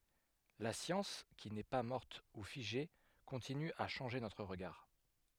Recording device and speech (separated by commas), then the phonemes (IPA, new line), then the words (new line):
headset microphone, read sentence
la sjɑ̃s ki nɛ pa mɔʁt u fiʒe kɔ̃tiny a ʃɑ̃ʒe notʁ ʁəɡaʁ
La science qui n'est pas morte ou figée continue à changer notre regard.